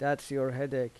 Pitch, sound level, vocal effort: 135 Hz, 85 dB SPL, normal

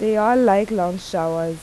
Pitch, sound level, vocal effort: 195 Hz, 86 dB SPL, normal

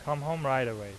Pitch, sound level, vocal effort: 135 Hz, 90 dB SPL, normal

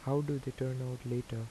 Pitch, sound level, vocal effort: 130 Hz, 80 dB SPL, soft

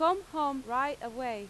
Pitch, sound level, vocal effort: 270 Hz, 93 dB SPL, loud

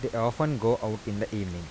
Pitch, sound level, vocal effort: 110 Hz, 83 dB SPL, soft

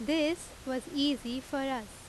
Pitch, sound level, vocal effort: 275 Hz, 88 dB SPL, very loud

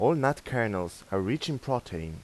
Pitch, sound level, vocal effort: 120 Hz, 87 dB SPL, normal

